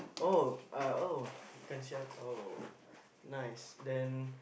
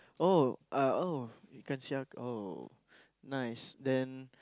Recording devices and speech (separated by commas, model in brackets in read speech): boundary microphone, close-talking microphone, conversation in the same room